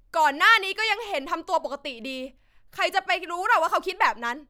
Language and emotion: Thai, angry